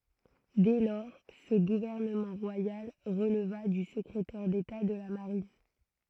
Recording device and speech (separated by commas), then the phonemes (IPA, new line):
throat microphone, read sentence
dɛ lɔʁ sə ɡuvɛʁnəmɑ̃ ʁwajal ʁəlva dy səkʁetɛʁ deta də la maʁin